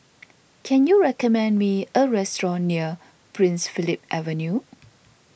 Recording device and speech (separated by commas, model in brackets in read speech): boundary microphone (BM630), read sentence